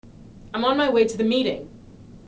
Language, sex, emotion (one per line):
English
female
angry